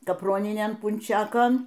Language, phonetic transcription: Lithuanian, kapˈroninėn punˈčekon

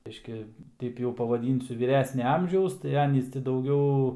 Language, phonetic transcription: Lithuanian, ˈbiški ˈteip jau pavaˈdynsiu vyˈresnia ˈamžiaus tai ˈanys ti dauˈgiau

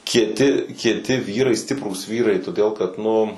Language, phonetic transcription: Lithuanian, kieˈti kieˈti ˈvyrai ˈstiprūs ˈvyrai toˈdėl kad ˈnu

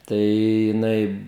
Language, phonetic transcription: Lithuanian, ˈtai jiˈnai

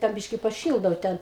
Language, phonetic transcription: Lithuanian, dar ˈbyški paˈšyldau ˈten

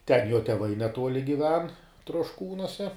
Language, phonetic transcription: Lithuanian, ten jo teˈvai neˈtuoli giˈven trošˈkūnuose

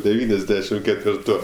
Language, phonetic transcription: Lithuanian, deˈvyniasˌdešim ketvirˈtų

